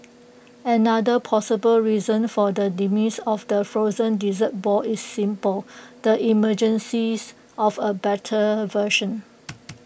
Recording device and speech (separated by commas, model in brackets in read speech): boundary microphone (BM630), read sentence